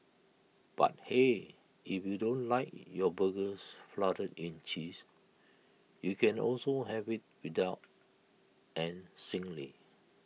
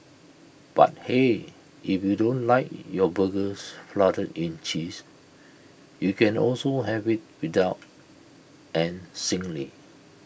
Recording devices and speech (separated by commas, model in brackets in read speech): mobile phone (iPhone 6), boundary microphone (BM630), read sentence